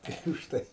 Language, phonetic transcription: Lithuanian, ˈtai užˈtai

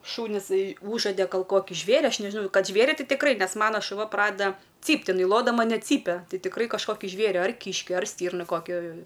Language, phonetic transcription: Lithuanian, ˈšūnis ˈūžade gal ˈkoki ˈžvėri ˈaš ˈnežinau ˈkad ˈžvėri ˈti tikˈrai ˈnes ˈmano šuˈva ˈpradeda ˈcypt iˈnai ˈlodama net ˈcypia ˈtai tikˈrai kažˈkoki ˈžvėri ar ˈkyški ar ˈstyrna ˈkokia

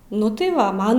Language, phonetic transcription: Lithuanian, ˈnu tai ˈva ˈman

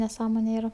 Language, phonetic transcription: Lithuanian, neˈsąmone ˈyra

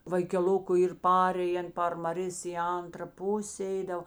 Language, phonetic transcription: Lithuanian, vaikeˈluku ˈyr ˈparėjen par maˈrės i ˈantra ˈpusė ˈeidav

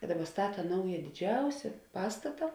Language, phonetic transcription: Lithuanian, i ˈdaˌba ˈstata ˈnauja diˈdžiausia ˈpastata

